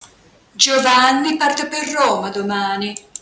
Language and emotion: Italian, disgusted